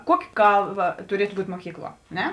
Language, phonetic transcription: Lithuanian, ˈkuoki ˈkalˌba tuˈrietu ˈbūt' muoˈkykˌluo a ˈne

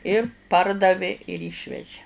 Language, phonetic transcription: Lithuanian, ir ˈpardavė ir ˈyšveži

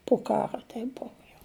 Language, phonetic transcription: Lithuanian, pu ˈkaro ˈteip ˈbuvu jau

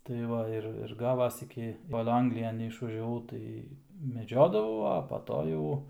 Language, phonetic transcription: Lithuanian, tai ˈva ir ir ˈgavas ˈiki ˈkol ˈanglijan neišvažiaˈvau ˈtai meˈdžiodavau a pa ˈto jau

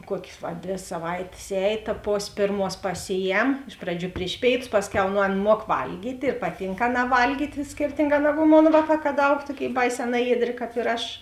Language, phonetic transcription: Lithuanian, ˈkuokės va ˈdvė saˈvaitės ˈēj ta ˈpos' ˈpėrˌmuos paˈsiˌjem ˈiš praˌdžių ˈpriš pėiˌtus ˈpasˌkiau nu ˈan ˈmuok ˈvalgyt' ir ˈpaˌtynk ˈaˌnā ˈvalgyt' ˈskirtinˌgā ˈnagu ˈmon ˈvāˌkā kad ˈaug ˈtuoˌkėi ˈbaiˌsē ˈnajieˌdrė ˈkāp ir ˈaš

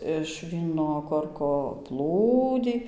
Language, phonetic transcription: Lithuanian, iš ˈvyno ˈkorko ˈplūdį

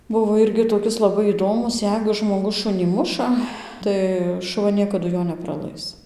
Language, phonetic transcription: Lithuanian, ˈbuvo ˈirgi toˈkis laˈbai įˈdomus ˈjeigu žmoˈgus ˈšunį ˈmuša ˈtai šuˈva ˈniekadu ˈjo nepraˈlais

